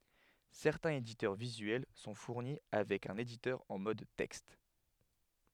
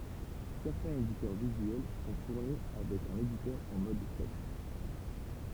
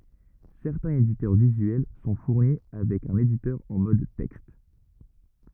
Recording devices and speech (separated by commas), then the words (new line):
headset microphone, temple vibration pickup, rigid in-ear microphone, read sentence
Certains éditeurs visuels sont fournis avec un éditeur en mode texte.